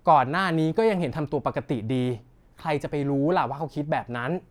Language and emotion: Thai, neutral